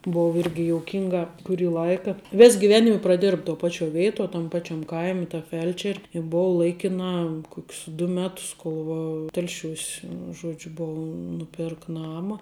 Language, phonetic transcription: Lithuanian, ˈbov ˈirgi jouˈkinga kuˈrį ˈlaika ˈvės giˈvenime praˈdėrb to ˈpačio ˈvėito tam ˈpačiam ˈkaimi ta ˈfel'čer' i ˈbova ˈlaikinā ˈkok's du ˈmetus ˈkol va ˈtelšiūs ˈžuodžiu ˈbova nuˈpėrka ˈnama

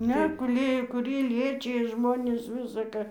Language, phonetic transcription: Lithuanian, ˈne guˈlėjo kuˈrie ˈliečija ˈžmonis ˈvisa ka

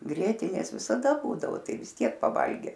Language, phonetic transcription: Lithuanian, ˈgrietinės visaˈda ˈbūdavo ˈtai vis ˈtiek paˈvalge

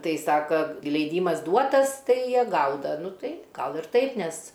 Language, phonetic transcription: Lithuanian, ˈtai ˈsaka leiˈdymas ˈduotas ˈtai ˈjie ˈgauda ˈnu ˈtai ˈgal ir ˈtaip ˈnes

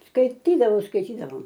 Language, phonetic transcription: Lithuanian, skaiˈtydavau skaiˈtydavau

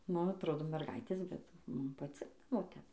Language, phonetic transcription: Lithuanian, ˈnu atˈrodo merˈgaitės bet ˈmum paˈcikdavo ˈtep

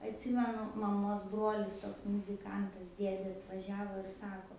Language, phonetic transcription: Lithuanian, atˈsimenu maˈmos ˈbrolis ˈtoks muziˈkantas ˈdiedė atvaˈžiavo ir ˈsako

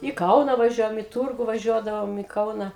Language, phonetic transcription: Lithuanian, i ˈkauna vaˈžiuojam i ˈtūrgu vaˈžiuodavom i ˈkauna

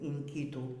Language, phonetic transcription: Lithuanian, yn ˈkytų

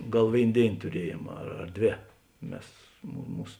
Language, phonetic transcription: Lithuanian, ˈgal ˈvėin ˈdėin tuˈriejėm ar ar ˈdvė ˈmes mu ˈmūs

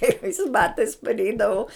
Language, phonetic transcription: Lithuanian, kreiˈvais ˈbatais parˈeidavau

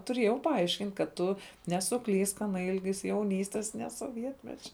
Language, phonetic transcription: Lithuanian, tuˈrėjau paˈaiškint' kad ˈtu nesuˈklysk ˈana ˈilgis jauˈnystes ne soˈvietmečia

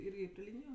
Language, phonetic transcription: Lithuanian, ˈirgi pri ˈlyniju

